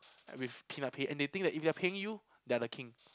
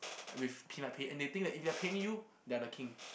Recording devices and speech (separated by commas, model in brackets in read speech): close-talking microphone, boundary microphone, conversation in the same room